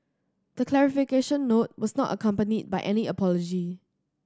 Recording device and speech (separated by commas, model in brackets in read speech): standing microphone (AKG C214), read sentence